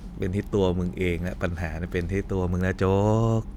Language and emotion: Thai, frustrated